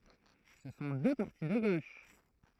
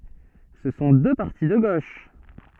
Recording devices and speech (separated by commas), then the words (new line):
throat microphone, soft in-ear microphone, read sentence
Ce sont deux partis de gauche.